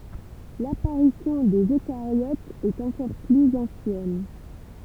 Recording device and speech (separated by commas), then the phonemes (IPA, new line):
temple vibration pickup, read sentence
lapaʁisjɔ̃ dez økaʁjotz ɛt ɑ̃kɔʁ plyz ɑ̃sjɛn